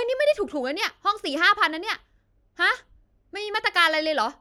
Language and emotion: Thai, angry